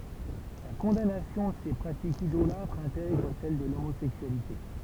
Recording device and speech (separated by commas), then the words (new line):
temple vibration pickup, read sentence
La condamnation de ces pratiques idolâtres intègre celle de l'homosexualité.